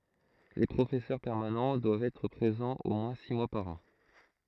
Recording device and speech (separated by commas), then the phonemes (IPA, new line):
throat microphone, read sentence
le pʁofɛsœʁ pɛʁmanɑ̃ dwavt ɛtʁ pʁezɑ̃z o mwɛ̃ si mwa paʁ ɑ̃